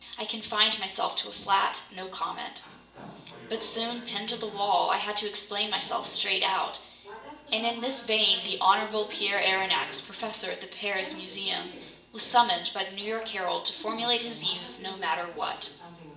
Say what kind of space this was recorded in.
A large room.